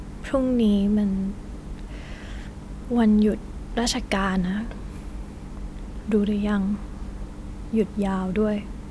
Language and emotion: Thai, sad